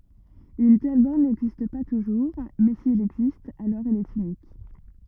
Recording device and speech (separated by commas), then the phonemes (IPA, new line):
rigid in-ear microphone, read sentence
yn tɛl bɔʁn nɛɡzist pa tuʒuʁ mɛ si ɛl ɛɡzist alɔʁ ɛl ɛt ynik